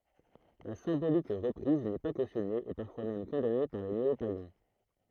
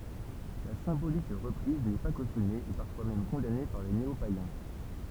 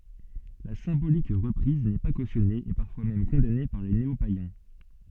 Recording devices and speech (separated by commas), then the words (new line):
throat microphone, temple vibration pickup, soft in-ear microphone, read sentence
La symbolique reprise n'est pas cautionnée et parfois même condamnée par des néopaïens.